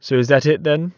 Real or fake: real